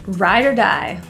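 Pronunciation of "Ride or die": In 'ride or die', the word 'or' is said as a quick 'er', and the o sound is not pronounced at all.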